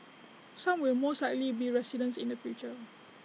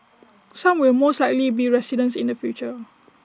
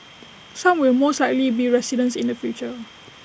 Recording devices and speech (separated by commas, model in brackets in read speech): mobile phone (iPhone 6), standing microphone (AKG C214), boundary microphone (BM630), read sentence